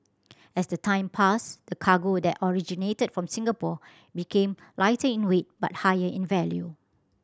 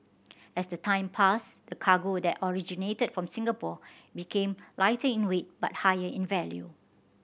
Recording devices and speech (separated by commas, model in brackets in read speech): standing microphone (AKG C214), boundary microphone (BM630), read sentence